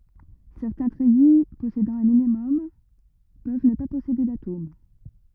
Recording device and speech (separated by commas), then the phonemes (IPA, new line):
rigid in-ear microphone, read sentence
sɛʁtɛ̃ tʁɛji pɔsedɑ̃ œ̃ minimɔm pøv nə pa pɔsede datom